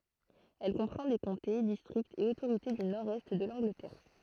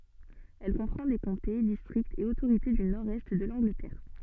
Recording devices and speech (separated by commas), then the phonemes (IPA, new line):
throat microphone, soft in-ear microphone, read sentence
ɛl kɔ̃pʁɑ̃ de kɔ̃te distʁiktz e otoʁite dy nɔʁdɛst də lɑ̃ɡlətɛʁ